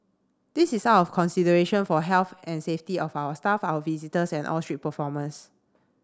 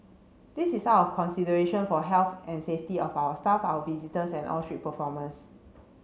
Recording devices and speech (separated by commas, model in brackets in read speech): standing microphone (AKG C214), mobile phone (Samsung C7), read sentence